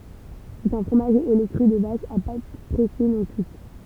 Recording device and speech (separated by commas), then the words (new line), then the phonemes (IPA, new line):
temple vibration pickup, read sentence
C'est un fromage au lait cru de vache, à pâte pressée non cuite.
sɛt œ̃ fʁomaʒ o lɛ kʁy də vaʃ a pat pʁɛse nɔ̃ kyit